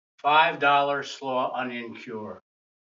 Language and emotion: English, angry